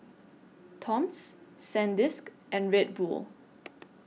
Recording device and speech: mobile phone (iPhone 6), read sentence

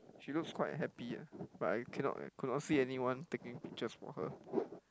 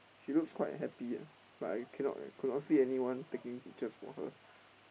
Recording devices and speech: close-talking microphone, boundary microphone, conversation in the same room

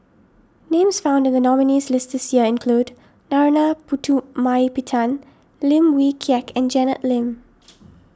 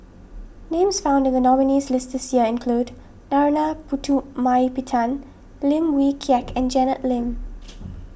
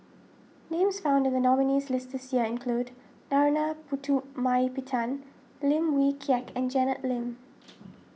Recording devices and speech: standing microphone (AKG C214), boundary microphone (BM630), mobile phone (iPhone 6), read sentence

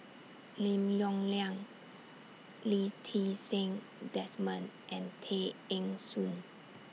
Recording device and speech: mobile phone (iPhone 6), read sentence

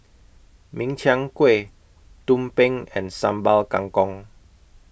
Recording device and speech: boundary microphone (BM630), read sentence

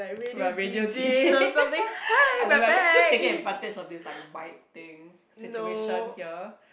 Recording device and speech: boundary microphone, conversation in the same room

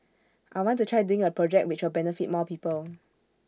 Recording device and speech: standing microphone (AKG C214), read sentence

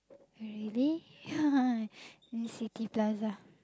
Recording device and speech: close-talking microphone, conversation in the same room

